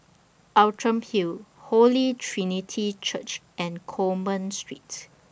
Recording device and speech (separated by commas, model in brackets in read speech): boundary microphone (BM630), read sentence